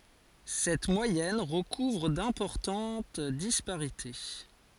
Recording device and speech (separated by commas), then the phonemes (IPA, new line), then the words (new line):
forehead accelerometer, read sentence
sɛt mwajɛn ʁəkuvʁ dɛ̃pɔʁtɑ̃t dispaʁite
Cette moyenne recouvre d'importante disparités.